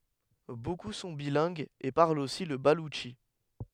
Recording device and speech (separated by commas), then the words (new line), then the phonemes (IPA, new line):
headset microphone, read sentence
Beaucoup sont bilingues et parlent aussi le baloutchi.
boku sɔ̃ bilɛ̃ɡz e paʁlt osi lə balutʃi